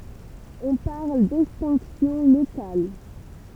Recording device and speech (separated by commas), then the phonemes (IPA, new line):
temple vibration pickup, read sentence
ɔ̃ paʁl dɛkstɛ̃ksjɔ̃ lokal